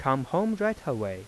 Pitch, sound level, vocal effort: 140 Hz, 88 dB SPL, soft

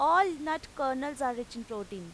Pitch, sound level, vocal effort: 265 Hz, 94 dB SPL, very loud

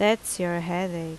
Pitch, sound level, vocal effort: 175 Hz, 81 dB SPL, loud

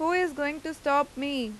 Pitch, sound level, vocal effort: 290 Hz, 92 dB SPL, loud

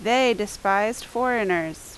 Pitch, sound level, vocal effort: 210 Hz, 87 dB SPL, very loud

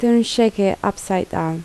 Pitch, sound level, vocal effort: 195 Hz, 77 dB SPL, soft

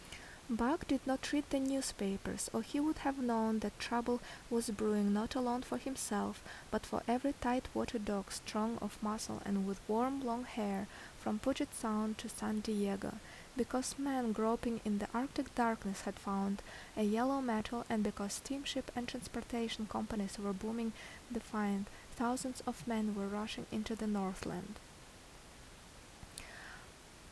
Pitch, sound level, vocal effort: 225 Hz, 74 dB SPL, normal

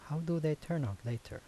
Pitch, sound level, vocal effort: 150 Hz, 78 dB SPL, soft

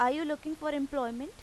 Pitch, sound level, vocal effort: 285 Hz, 91 dB SPL, normal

